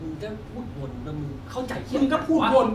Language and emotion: Thai, angry